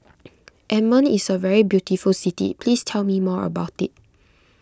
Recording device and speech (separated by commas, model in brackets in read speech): close-talking microphone (WH20), read sentence